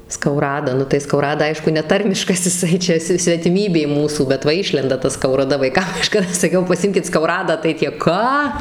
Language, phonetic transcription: Lithuanian, skauˈrada ˈnu tai skauˈrada ˈaišku neˈtarmiškas iˈsai ˈčia si svetiˈmybė ˈmūsų bet ˈva ˈišlenda ta skauraˈda vaiˈkam kaˈžkada saˈkiau paˈsimkit skauˈradą tai ˈtie ˈką

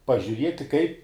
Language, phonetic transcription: Lithuanian, pažiuˈrieti kai

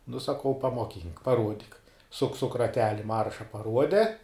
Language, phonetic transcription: Lithuanian, nu saˈkau pamoˈkynk paˈruodik suk suk raˈteli ˈmarša paˈruode

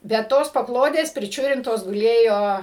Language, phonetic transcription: Lithuanian, bet ˈtos paˈklodės priˈčiurintos guˈlėjo

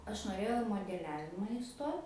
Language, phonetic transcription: Lithuanian, ˈaš noˈrėjau i modeˈliavima iˈstot

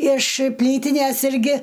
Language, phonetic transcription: Lithuanian, iš ˈplytines ˈirgi

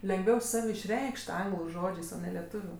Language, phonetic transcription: Lithuanian, lengˈviau ˈsav' išˈreikš't' ˈanglu ˈžodžės o ne leˈtuviu

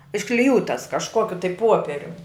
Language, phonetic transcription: Lithuanian, iškliˈjūtas kažˈkokiu tai ˈpuoperium

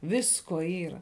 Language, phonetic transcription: Lithuanian, ˈvisko ˈyra

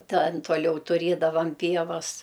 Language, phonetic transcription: Lithuanian, ˈtan toˈliau tuˈrėdavam ˈpievas

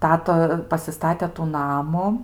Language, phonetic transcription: Lithuanian, ˈtata pasiˈstate tų ˈnamu

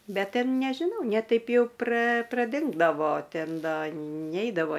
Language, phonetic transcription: Lithuanian, ˈbet ˈten nežiˈnau ne ˈtaip jau pra praˈdingdavo ˈten ˈda ˈneidavo

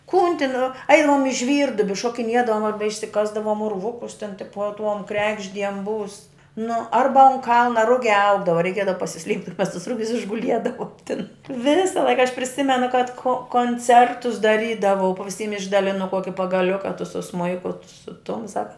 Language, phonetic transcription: Lithuanian, kun tin ˈainam i ˈžvyrduobi šokiˈniedavom arba išsiˈkasdavom urˈvukus tin ˈtipuo tuom ˈkregždiem būs nu ˈarba un ˈkalna ˈrugiā ˈaugdava reiˈkiedava pasiˈsliept' ir mes tus ˈrugius išguˈliedavom tin ˈvisa ˈlaika aš priˈsimenu kad ko konˈcertus daˈrydavau pa viˈsym išdaˈlinu ˈkuoki pagaˈliuka tu su ˈsmuiku tu su ˈtum ˈsaka

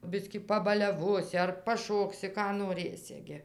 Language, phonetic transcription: Lithuanian, ˈbiskį pabaliaˈvosi ar paˈšoksi ˈką noˈrɘsi gi

